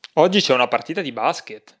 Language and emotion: Italian, surprised